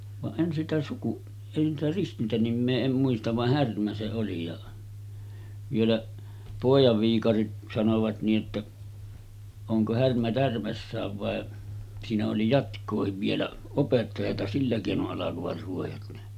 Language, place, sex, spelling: Finnish, Sotkamo, male, vaan en sitä - en sitä ristintänimeä en muista vaan Härmä se oli ja vielä pojan viikarit sanoivat niin että onko Härmä tärmässään vai siinä oli jatkoakin vielä opettajaa sillä keinoin alkoivat ruojat ne
- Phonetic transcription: vaˀ 'ˀen sitä suku- , en sitä 'ristintänimmee 'em muistav vah 'Härmä se oli ja , vielä’ , 'pòijav viikarit sanovat nii ’että , » oŋko 'Härmä 'tärmässääv vàe « , siinä oli 'jatk̆koohiv vielä , 'opettajata 'sillä kèino’ ’alakovat ruojat ne .

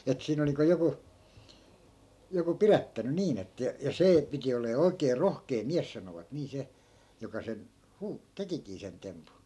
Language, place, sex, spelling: Finnish, Askola, male, että siinä oli niin kuin joku joku pidättänyt niin että ja ja se piti olemaan oikein rohkea mies sanoivat niin se joka sen - tekikin sen tempun
- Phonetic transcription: et 'siin ‿olⁱ niiŋko 'joku , joku "pirättäny 'niin ‿ettᵃ̈ ja , ja 'see , piti ol̀ee "oi̮kee "rohkee "miäs sanovat nii 'se , joka 'sen , 'huu- , 'tekikii sen 'tempu .

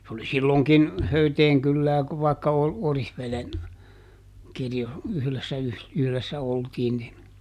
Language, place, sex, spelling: Finnish, Juupajoki, male, se oli silloinkin Höyteen kylää vaikka - Oriveden - yhdessä - yhdessä oltiin niin
- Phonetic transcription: se oli ˈsillòŋkin , ˈHöyteeŋ kyllää , vàikka O- , "Orihvelen , ˈkirjo- , ˈyhlessä yh- , ˈyhlessä ˈoltiin nin ,.

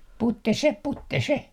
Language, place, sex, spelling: Finnish, Artjärvi, male, putte se putte se
- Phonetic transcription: 'putte se , 'putte se .

